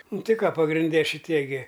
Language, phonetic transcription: Lithuanian, ˈnu ˈti ˈką pagrinˈde šiˈtie gi

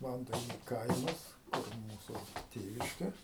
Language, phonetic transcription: Lithuanian, ˈvantainiu ˈkaimas kur ˈmūsu ˈtėviške

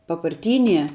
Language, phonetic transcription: Lithuanian, paparˈtynie

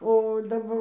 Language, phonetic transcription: Lithuanian, o daˈbar

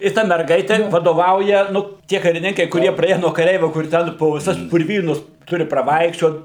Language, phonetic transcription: Lithuanian, i ˈta merˈgaite vadoˈvauja ˈnu ˈtie kariˈninkai kuˈrie praˈėje nuo kaˈreivio ˈkur ˈten po viˈsas purˈvynus ˈturi praˈvaikščiot

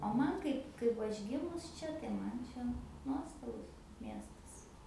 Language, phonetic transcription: Lithuanian, o ˈman ˈkaip ˈkaip va ˈaš ˈgimus ˈčia tai ˈman ˈčia ˈnuostabus ˈmiestas

